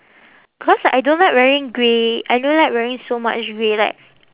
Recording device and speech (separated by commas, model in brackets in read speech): telephone, conversation in separate rooms